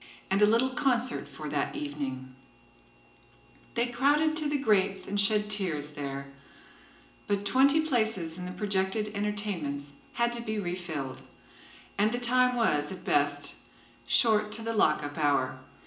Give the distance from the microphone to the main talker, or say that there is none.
1.8 m.